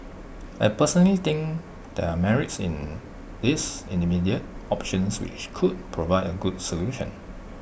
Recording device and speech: boundary microphone (BM630), read sentence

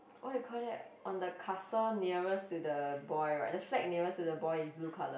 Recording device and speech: boundary microphone, conversation in the same room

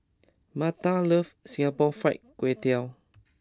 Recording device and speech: close-talking microphone (WH20), read sentence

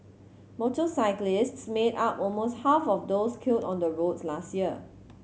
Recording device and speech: mobile phone (Samsung C7100), read sentence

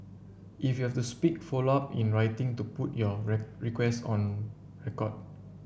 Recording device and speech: boundary microphone (BM630), read sentence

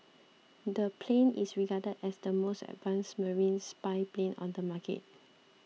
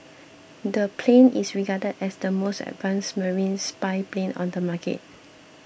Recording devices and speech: mobile phone (iPhone 6), boundary microphone (BM630), read sentence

